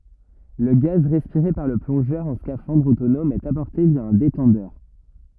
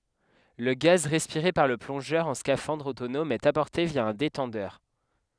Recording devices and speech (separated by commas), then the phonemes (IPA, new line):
rigid in-ear microphone, headset microphone, read sentence
lə ɡaz ʁɛspiʁe paʁ lə plɔ̃ʒœʁ ɑ̃ skafɑ̃dʁ otonɔm ɛt apɔʁte vja œ̃ detɑ̃dœʁ